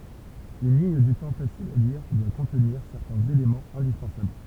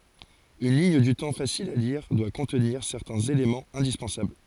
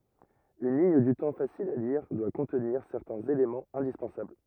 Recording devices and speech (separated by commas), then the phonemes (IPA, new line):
temple vibration pickup, forehead accelerometer, rigid in-ear microphone, read sentence
yn liɲ dy tɑ̃ fasil a liʁ dwa kɔ̃tniʁ sɛʁtɛ̃z elemɑ̃z ɛ̃dispɑ̃sabl